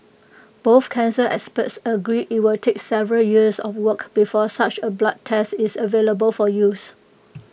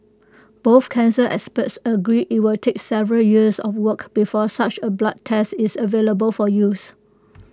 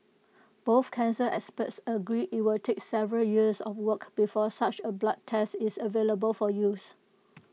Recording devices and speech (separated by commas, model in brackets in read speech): boundary microphone (BM630), close-talking microphone (WH20), mobile phone (iPhone 6), read sentence